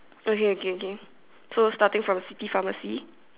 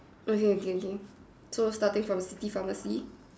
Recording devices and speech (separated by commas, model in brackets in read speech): telephone, standing microphone, conversation in separate rooms